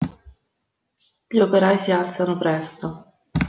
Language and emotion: Italian, neutral